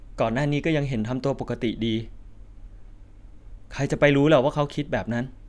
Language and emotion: Thai, sad